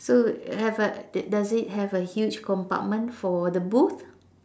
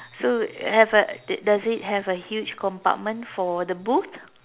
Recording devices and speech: standing microphone, telephone, conversation in separate rooms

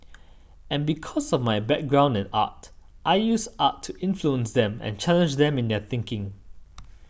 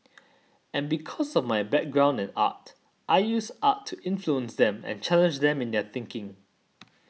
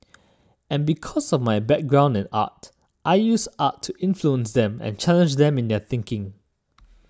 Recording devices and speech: boundary microphone (BM630), mobile phone (iPhone 6), standing microphone (AKG C214), read sentence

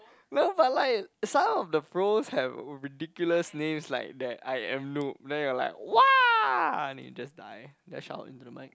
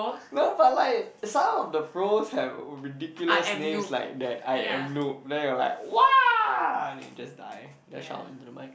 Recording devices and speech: close-talking microphone, boundary microphone, conversation in the same room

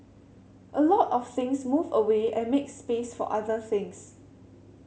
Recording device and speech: mobile phone (Samsung C7100), read sentence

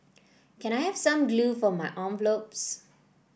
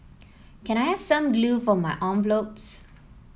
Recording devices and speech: boundary microphone (BM630), mobile phone (iPhone 7), read sentence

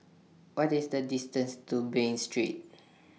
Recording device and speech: mobile phone (iPhone 6), read sentence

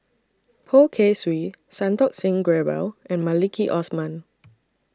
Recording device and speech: standing microphone (AKG C214), read sentence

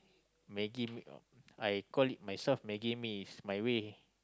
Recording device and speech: close-talking microphone, conversation in the same room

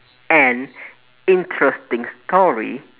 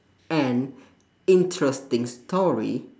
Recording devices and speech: telephone, standing microphone, conversation in separate rooms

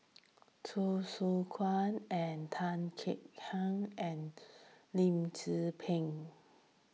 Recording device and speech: mobile phone (iPhone 6), read sentence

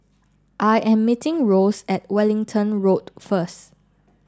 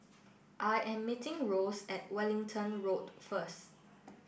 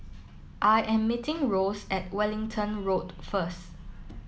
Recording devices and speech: standing microphone (AKG C214), boundary microphone (BM630), mobile phone (iPhone 7), read sentence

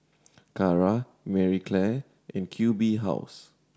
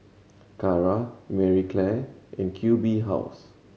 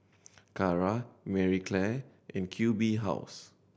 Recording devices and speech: standing microphone (AKG C214), mobile phone (Samsung C7100), boundary microphone (BM630), read sentence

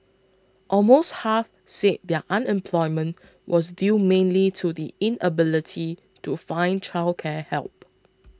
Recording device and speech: close-talking microphone (WH20), read sentence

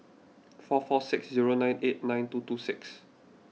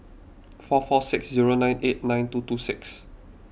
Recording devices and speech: mobile phone (iPhone 6), boundary microphone (BM630), read sentence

